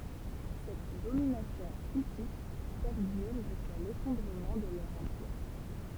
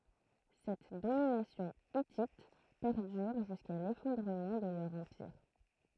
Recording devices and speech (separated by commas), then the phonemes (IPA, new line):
temple vibration pickup, throat microphone, read sentence
sɛt dominasjɔ̃ itit pɛʁdyʁ ʒyska lefɔ̃dʁəmɑ̃ də lœʁ ɑ̃piʁ